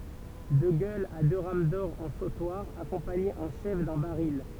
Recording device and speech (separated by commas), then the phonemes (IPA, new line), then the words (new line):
temple vibration pickup, read sentence
də ɡœlz a dø ʁam dɔʁ ɑ̃ sotwaʁ akɔ̃paɲez ɑ̃ ʃɛf dœ̃ baʁil
De gueules à deux rames d'or en sautoir, accompagnées en chef d'un baril.